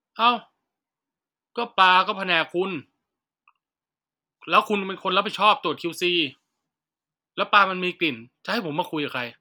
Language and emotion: Thai, angry